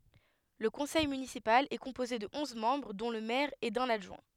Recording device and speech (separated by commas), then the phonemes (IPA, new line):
headset microphone, read sentence
lə kɔ̃sɛj mynisipal ɛ kɔ̃poze də ɔ̃z mɑ̃bʁ dɔ̃ lə mɛʁ e dœ̃n adʒwɛ̃